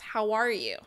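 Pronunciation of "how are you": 'How are you' is asked in a neutral tone, just asking how someone is doing, and the intonation rises in the middle of the sentence.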